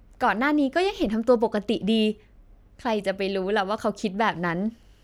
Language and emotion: Thai, happy